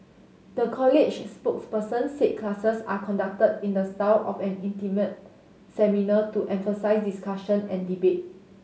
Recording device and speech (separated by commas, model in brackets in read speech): mobile phone (Samsung S8), read sentence